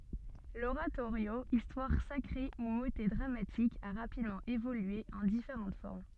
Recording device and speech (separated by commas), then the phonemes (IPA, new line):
soft in-ear microphone, read sentence
loʁatoʁjo istwaʁ sakʁe u motɛ dʁamatik a ʁapidmɑ̃ evolye ɑ̃ difeʁɑ̃t fɔʁm